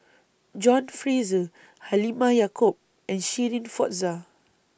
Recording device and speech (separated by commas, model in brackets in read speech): boundary microphone (BM630), read sentence